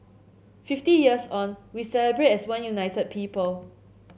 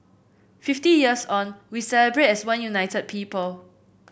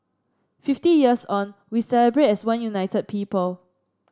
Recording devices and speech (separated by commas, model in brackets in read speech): mobile phone (Samsung C7), boundary microphone (BM630), standing microphone (AKG C214), read sentence